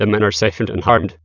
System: TTS, waveform concatenation